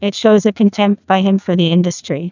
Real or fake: fake